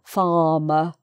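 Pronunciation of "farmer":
Neither of the two r's in 'farmer' is pronounced, and the word ends in an uh sound.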